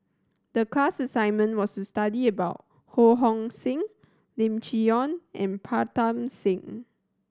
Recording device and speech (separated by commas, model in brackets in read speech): standing microphone (AKG C214), read sentence